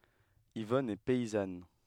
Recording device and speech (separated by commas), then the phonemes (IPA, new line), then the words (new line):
headset microphone, read sentence
ivɔn ɛ pɛizan
Yvonne est paysanne.